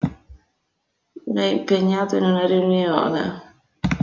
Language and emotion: Italian, disgusted